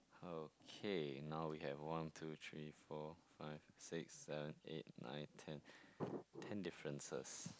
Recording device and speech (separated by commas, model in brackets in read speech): close-talking microphone, conversation in the same room